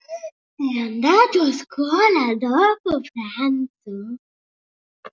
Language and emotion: Italian, surprised